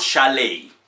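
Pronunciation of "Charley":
'Charlie' is pronounced incorrectly here.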